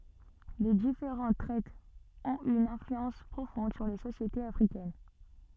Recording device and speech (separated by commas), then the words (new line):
soft in-ear microphone, read sentence
Les différentes traites ont eu une influence profonde sur les sociétés africaines.